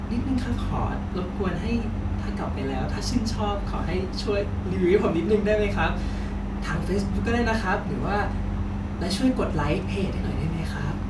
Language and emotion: Thai, happy